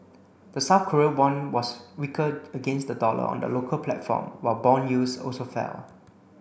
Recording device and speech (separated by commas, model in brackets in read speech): boundary microphone (BM630), read sentence